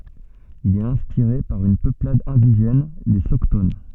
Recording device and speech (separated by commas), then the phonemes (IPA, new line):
soft in-ear microphone, read sentence
il ɛt ɛ̃spiʁe paʁ yn pøplad ɛ̃diʒɛn le sɔkton